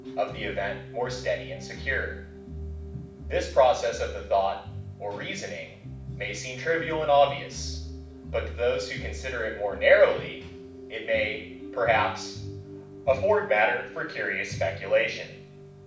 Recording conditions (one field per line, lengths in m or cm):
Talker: one person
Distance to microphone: 5.8 m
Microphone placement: far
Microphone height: 1.8 m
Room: medium-sized (5.7 m by 4.0 m)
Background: music